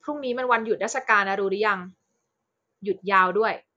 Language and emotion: Thai, frustrated